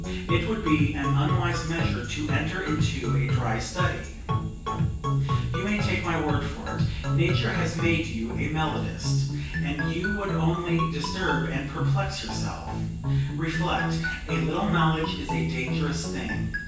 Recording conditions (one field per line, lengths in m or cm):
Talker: one person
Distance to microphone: 9.8 m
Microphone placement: far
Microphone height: 1.8 m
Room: large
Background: music